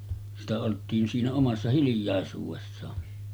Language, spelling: Finnish, sitä oltiin siinä omassa hiljaisuudessaan
- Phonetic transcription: sitä olt̆tiin siinä 'omassa 'hilⁱj̆jàesuuvessaa .

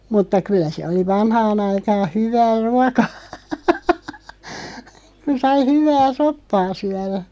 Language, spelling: Finnish, mutta kyllä se oli vanhaan aikaan hyvää ruokaa kun sai hyvää soppaa syödä
- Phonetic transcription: mutta 'kyllä (se) oli "vanhaan ‿aikaan̬ 'hyv̀ää "ruakaa , ku sai "hyv̀ää "soppaa 'syärä .

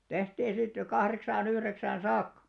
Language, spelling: Finnish, tehtiin sitten kahdeksaan yhdeksään saakka
- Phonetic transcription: 'tehtii sitte , 'kahreksaa'n ‿yhreksään "saakka .

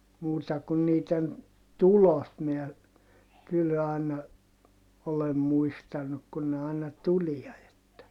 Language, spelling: Finnish, muuta kuin niiden tulot minä kyllä aina olen muistanut kun ne aina tulee että
- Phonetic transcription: muuta kun niiten , tulot miä , kyl àina , olem muistanuk kun ne àina tulia että ,.

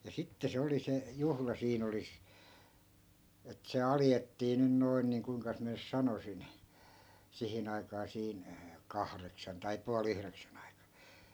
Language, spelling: Finnish, ja sitten se oli se juhla siinä oli että se alettiin nyt noin niin kuinkas minä nyt sanoisin siihen aikaan siinä kahdeksan tai puoli yhdeksän aikaan
- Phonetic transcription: ja 'sitte se oli 'se , "juhla 'siin ‿oli , et se 'aljettii nyn 'noin niiŋ kuiŋkas miä 'nys "sanosin , 'sihin ‿aikaa siin , "kahreksan tai pua'l ‿yhreksän ‿aika .

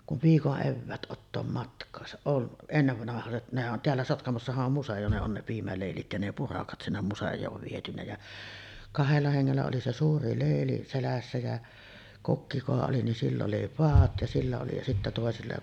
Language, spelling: Finnish, kun viikon eväät ottaa matkaansa on ennenvanhaiset nehän on täällä Sotkamossahan on museo ne on ne piimäleilit ja ne purakat sinne museoon viety ja kahdella hengellä oli se suuri leili selässä ja kokki kuka oli niin sillä oli padat ja sillä oli ja sitten toisilla
- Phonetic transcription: kuv 'viikoˀ 'ˀevväät ˀottoom 'matk̀aasa , on , 'ennevvanahaset nehä ˀon 'teällä 'Sotkamossahaˀ ˀom 'museʲo ne on ne 'piimälèilit ja ne "purakat sinnem 'musej̀oov vietynä ja , 'kahella heŋŋellä oli se "suuri 'lèili selässä jä , "kokki kuka oli nin 'sill ‿oli 'paat ja sillä oli ja sittä tòesilla ,.

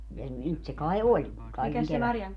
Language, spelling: Finnish, ja nyt se kai oli kaiken kevättä
- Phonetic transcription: ja , 'nyt se kae "oĺ , 'kaikeŋ 'kevättä .

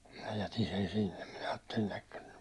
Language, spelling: Finnish, minä jätin sen sinne minä ajattelin jahka nyt
- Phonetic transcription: minä 'jätin sen sinnem minä aattelin̬ ‿əkkə ny .

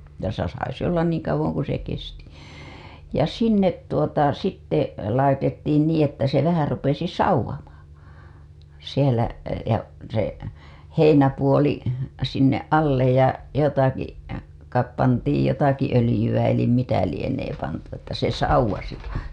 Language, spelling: Finnish, ja - sai se olla niin kauan kuin se kesti ja sinne tuota sitten laitettiin niin että se vähän rupesi savuamaan siellä ja se heinäpuoli sinne alle ja jotakin kai pantiin jotakin öljyä eli mitä lienee pantu että se savusi
- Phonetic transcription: ja sa- , sai se ollan niiŋ kauwoŋ ku se kesti , ja 'sinnet tuota sitte , laitettiin niiḭ että se vähä rupesi "sauw̆wamaa , sielä , ja , se , 'heinäpuoli , sinneˀ ˀallej ja , jotaki , kaip pantiij jotaki ölijyWä elim mitä lienee pantu että se sauw̆wasi .

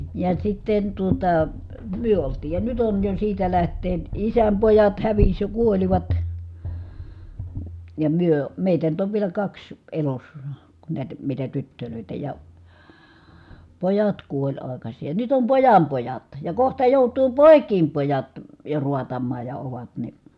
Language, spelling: Finnish, ja sitten tuota me oltiin ja nyt on jo siitä lähtien isän pojat hävisi ja kuolivat ja me meitä nyt on vielä kaksi elossa kun näitä mitä tyttöjä ja pojat kuoli aikaisin ja nyt on pojan pojat ja kohta joutuu poikien pojat jo raatamaan ja ovat niin
- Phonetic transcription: ja sitten tuota , myö oltii ja nyt ‿on jo siitä läht̀een , isäm pojat häviś ja kuolivat , ja myö , mèitä nyt ‿ov vielä kaks , elossA , ku nä̀itᵃ̈ mitä tyttölö̀itä ja , pojat kuoĺ ài̮kaśii ja nyt ‿om pojam pojat , ja kohta jòut̀uu pòi̮k̀iim pojat , jo ruatammaaj ja ovat ni .

